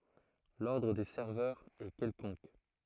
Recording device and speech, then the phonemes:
throat microphone, read sentence
lɔʁdʁ de sɛʁvœʁz ɛ kɛlkɔ̃k

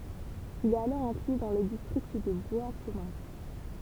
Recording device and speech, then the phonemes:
temple vibration pickup, read sentence
il ɛt alɔʁ ɛ̃kly dɑ̃ lə distʁikt də bwaskɔmœ̃

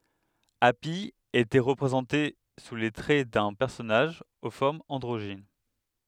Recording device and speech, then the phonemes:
headset microphone, read sentence
api etɛ ʁəpʁezɑ̃te su le tʁɛ dœ̃ pɛʁsɔnaʒ o fɔʁmz ɑ̃dʁoʒin

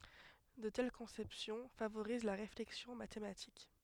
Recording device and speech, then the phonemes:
headset microphone, read sentence
də tɛl kɔ̃sɛpsjɔ̃ favoʁiz la ʁeflɛksjɔ̃ matematik

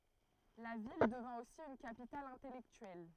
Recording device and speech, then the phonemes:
throat microphone, read sentence
la vil dəvɛ̃ osi yn kapital ɛ̃tɛlɛktyɛl

